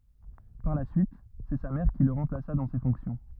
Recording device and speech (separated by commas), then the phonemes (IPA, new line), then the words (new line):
rigid in-ear microphone, read sentence
paʁ la syit sɛ sa mɛʁ ki lə ʁɑ̃plasa dɑ̃ se fɔ̃ksjɔ̃
Par la suite, c’est sa mère qui le remplaça dans ces fonctions.